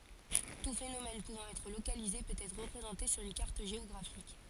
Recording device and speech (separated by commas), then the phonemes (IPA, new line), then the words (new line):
forehead accelerometer, read sentence
tu fenomɛn puvɑ̃ ɛtʁ lokalize pøt ɛtʁ ʁəpʁezɑ̃te syʁ yn kaʁt ʒeɔɡʁafik
Tout phénomène pouvant être localisé peut être représenté sur une carte géographique.